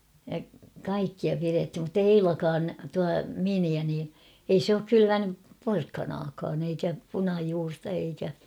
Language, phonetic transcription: Finnish, ja 'kaikkia pirethim muttei "Eilakaan , tua "miniä nii , ei s ‿ook "kylyvänyp 'porkkanaakaan ‿eikä 'punajuurta eikä .
- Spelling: ja kaikkia pidettiin mutta ei Eilakaan tuo miniä niin ei se ole kylvänyt porkkanaakaan eikä punajuurta eikä

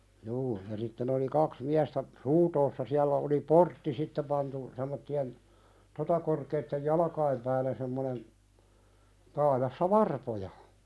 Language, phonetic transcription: Finnish, juu , ja sitten ‿oli 'kaks 'miästä , "runtoossa siällä oli "portti 'sitte pantu , sem̆motti₍en , 'tota korkeittej "jalᵃkaim pääl̆lä semmonen , taajassa "varpoja .
- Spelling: juu ja sitten oli kaksi miestä runtoossa siellä oli portti sitten pantu semmoisten tuota korkeiden jalkain päällä semmoinen taajassa varpoja

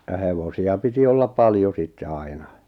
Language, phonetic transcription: Finnish, ja 'hevosi₍a piti 'ollap "paljo sitte 'aina .
- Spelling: ja hevosia piti olla paljon sitten aina

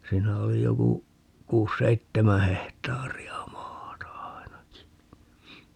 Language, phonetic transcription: Finnish, 'siinä oli 'joku , 'kuus "seittemä 'hehtaari₍a 'maata "ai̮naki .
- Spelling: siinä oli joku kuusi seitsemän hehtaaria maata ainakin

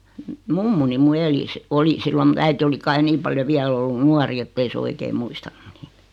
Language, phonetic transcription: Finnish, mummuni mu 'eli si- , 'oli sillo mᵘᵗ 'äiti oli 'kai "niim paljo 'viäl ‿ollun "nuari ettei se 'oikei 'muistannᴜ ɴɪɪtᴀ̈ .
- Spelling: mummoni minun eli - oli silloin minun äiti oli kai niin paljon vielä ollut nuori että ei se oikein muistanut niitä

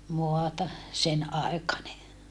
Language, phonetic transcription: Finnish, moata , sen₍aekane .
- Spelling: maata senaikainen

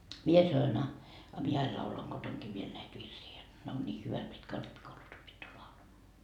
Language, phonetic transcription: Finnish, 'mie sanoin » a , a 'mie 'ail laulaŋ "Gotoŋkii viel näit 'virsii jot , ne on 'nii "hyvät mitkä o 'rippikoulus opittu 'laulamaa » .
- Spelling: minä sanoin a a minä aina laulan kotonakin vielä näitä virsiä jotta ne on niin hyvät mitkä on rippikoulussa opittu laulamaan

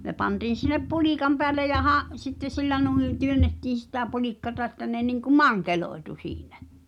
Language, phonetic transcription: Finnish, ne 'pantiin̬ sinep "pulìkam peälle ja 'ha’- , sitte 'sillä nuiḭ , "työnnettiin̬ sitä 'pulikkata ᵉttä ne niŋku "maŋkeloetu 'siiɴᴀ̈ .
- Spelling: ne pantiin sinne pulikan päälle ja - sitten sillä noin työnnettiin sitä pulikkaa että ne niin kuin mankeloitui siinä

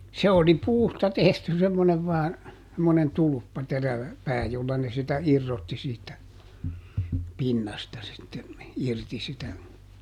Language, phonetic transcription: Finnish, ˈse oli "puusta ˈtehty semmonev vaan , semmonen "tulᵘppa ˈterävä , ˈpää jolla ne sitä "irrotti siit̆tä , "pinnasta sitte , ˈirti sitä ,.
- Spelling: se oli puusta tehty semmoinen vain semmoinen tulppa terävä pää jolla ne sitä irrotti siitä pinnasta sitten irti sitä

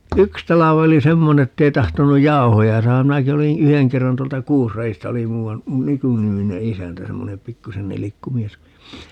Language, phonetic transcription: Finnish, "yks 'tala'v ‿oli "semmone ettei 'tahtonuj "jau̬hoja 'saaham 'minäki oliḭ , "yheŋ 'kerran - tuolta "Kuusra₍ista oli 'muu₍an , "Mykynimine 'isäntä 'semmone , "pikkusen 'nilikku 'mies .
- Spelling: yksi talvi oli semmoinen että ei tahtonut jauhoja saada minäkin olin yhden kerran tuolta Kuusradista oli muuan Myky-niminen isäntä semmoinen pikkuisen nilkku mies

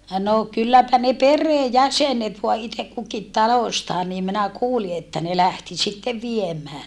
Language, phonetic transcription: Finnish, no kylläpä ne peree jäsenet voa itek kukit taloᵉstaa niim minä kuuli että ne lähti sittev viem̀ää .
- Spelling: no kylläpä ne perheen jäsenet vain itse kukin talostaan niin minä kuulin että ne lähti sitten viemään

